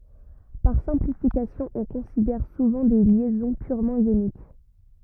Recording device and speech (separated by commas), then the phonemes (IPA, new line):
rigid in-ear microphone, read sentence
paʁ sɛ̃plifikasjɔ̃ ɔ̃ kɔ̃sidɛʁ suvɑ̃ de ljɛzɔ̃ pyʁmɑ̃ jonik